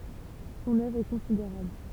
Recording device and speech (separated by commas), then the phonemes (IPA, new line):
temple vibration pickup, read sentence
sɔ̃n œvʁ ɛ kɔ̃sideʁabl